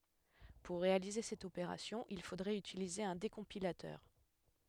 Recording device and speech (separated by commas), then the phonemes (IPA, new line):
headset microphone, read sentence
puʁ ʁealize sɛt opeʁasjɔ̃ il fodʁɛt ytilize œ̃ dekɔ̃pilatœʁ